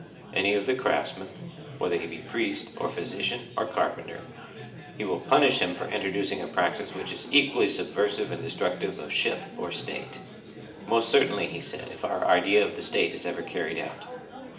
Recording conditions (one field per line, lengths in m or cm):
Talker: one person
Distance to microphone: 1.8 m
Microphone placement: close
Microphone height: 1.0 m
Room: large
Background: babble